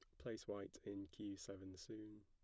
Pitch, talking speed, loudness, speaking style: 100 Hz, 175 wpm, -52 LUFS, plain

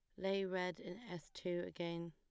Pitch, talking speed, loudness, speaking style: 180 Hz, 190 wpm, -43 LUFS, plain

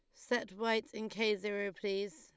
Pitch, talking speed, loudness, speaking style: 210 Hz, 185 wpm, -36 LUFS, Lombard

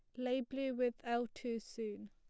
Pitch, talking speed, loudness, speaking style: 240 Hz, 190 wpm, -40 LUFS, plain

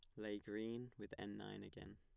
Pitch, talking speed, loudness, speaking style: 105 Hz, 205 wpm, -50 LUFS, plain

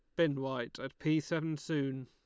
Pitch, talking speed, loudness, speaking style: 150 Hz, 195 wpm, -35 LUFS, Lombard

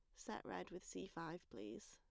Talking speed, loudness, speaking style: 210 wpm, -52 LUFS, plain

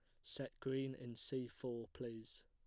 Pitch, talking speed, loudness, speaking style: 125 Hz, 160 wpm, -47 LUFS, plain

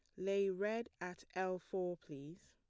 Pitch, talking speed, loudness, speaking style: 185 Hz, 160 wpm, -42 LUFS, plain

